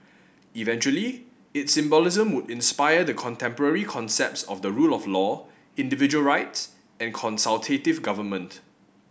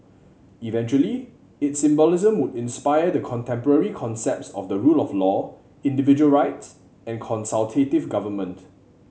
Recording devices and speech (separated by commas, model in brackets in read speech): boundary microphone (BM630), mobile phone (Samsung C7100), read sentence